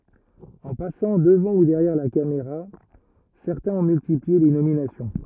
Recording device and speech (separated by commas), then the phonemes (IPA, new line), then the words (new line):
rigid in-ear microphone, read sentence
ɑ̃ pasɑ̃ dəvɑ̃ u dɛʁjɛʁ la kameʁa sɛʁtɛ̃z ɔ̃ myltiplie le nominasjɔ̃
En passant devant ou derrière la caméra, certains ont multiplié les nominations.